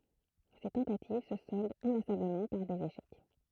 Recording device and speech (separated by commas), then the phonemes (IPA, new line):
throat microphone, read sentence
se tɑ̃tativ sə sɔldt ɛ̃lasabləmɑ̃ paʁ dez eʃɛk